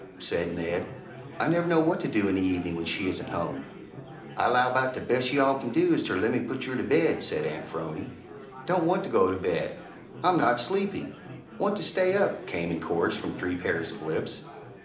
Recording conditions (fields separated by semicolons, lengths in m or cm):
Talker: one person; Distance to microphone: 2.0 m; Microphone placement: close; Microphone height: 99 cm; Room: medium-sized (5.7 m by 4.0 m); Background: babble